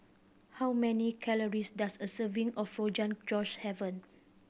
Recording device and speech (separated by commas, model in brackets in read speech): boundary microphone (BM630), read sentence